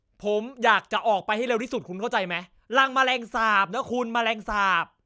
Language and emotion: Thai, angry